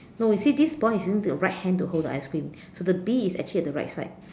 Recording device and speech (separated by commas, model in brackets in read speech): standing microphone, conversation in separate rooms